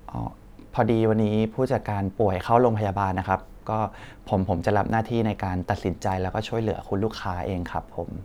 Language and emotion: Thai, neutral